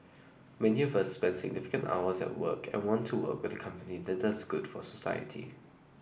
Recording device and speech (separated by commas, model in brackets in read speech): boundary microphone (BM630), read sentence